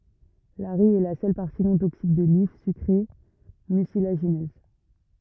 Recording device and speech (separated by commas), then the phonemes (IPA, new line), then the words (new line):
rigid in-ear microphone, read sentence
laʁij ɛ la sœl paʁti nɔ̃ toksik də lif sykʁe mysilaʒinøz
L'arille est la seule partie non toxique de l'if, sucrée, mucilagineuse.